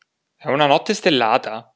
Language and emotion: Italian, surprised